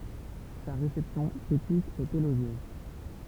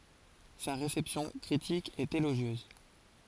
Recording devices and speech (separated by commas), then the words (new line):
temple vibration pickup, forehead accelerometer, read sentence
Sa réception critique est élogieuse.